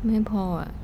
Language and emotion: Thai, frustrated